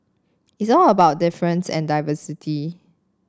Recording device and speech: standing microphone (AKG C214), read sentence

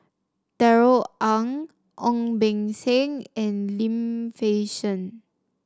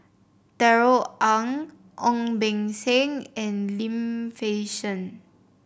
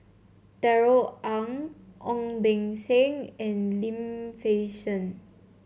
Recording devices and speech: standing microphone (AKG C214), boundary microphone (BM630), mobile phone (Samsung C7), read sentence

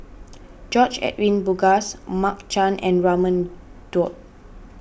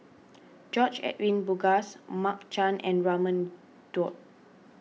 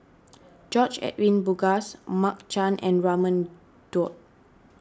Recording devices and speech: boundary microphone (BM630), mobile phone (iPhone 6), standing microphone (AKG C214), read sentence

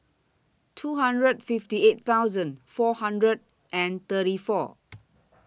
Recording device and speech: boundary microphone (BM630), read sentence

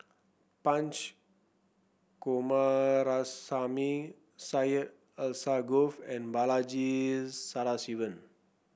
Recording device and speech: boundary microphone (BM630), read sentence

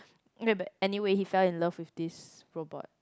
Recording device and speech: close-talking microphone, conversation in the same room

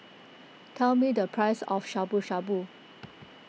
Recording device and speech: mobile phone (iPhone 6), read sentence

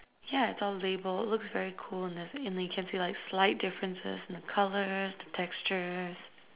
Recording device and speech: telephone, conversation in separate rooms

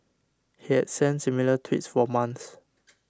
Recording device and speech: standing microphone (AKG C214), read sentence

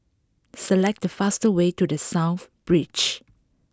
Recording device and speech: close-talking microphone (WH20), read sentence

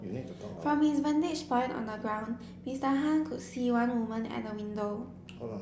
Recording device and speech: boundary microphone (BM630), read sentence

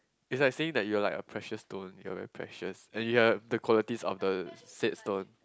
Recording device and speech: close-talking microphone, conversation in the same room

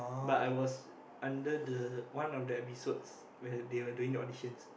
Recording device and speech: boundary microphone, conversation in the same room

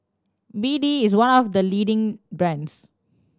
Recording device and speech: standing microphone (AKG C214), read sentence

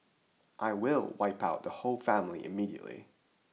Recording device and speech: mobile phone (iPhone 6), read sentence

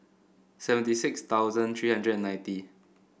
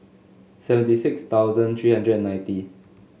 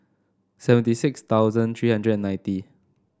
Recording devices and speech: boundary microphone (BM630), mobile phone (Samsung S8), standing microphone (AKG C214), read sentence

